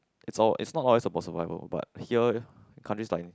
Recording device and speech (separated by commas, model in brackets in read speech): close-talking microphone, conversation in the same room